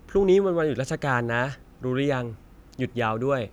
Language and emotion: Thai, neutral